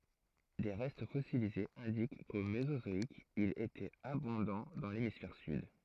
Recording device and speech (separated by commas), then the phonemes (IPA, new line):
throat microphone, read sentence
de ʁɛst fɔsilizez ɛ̃dik ko mezozɔik il etɛt abɔ̃dɑ̃ dɑ̃ lemisfɛʁ syd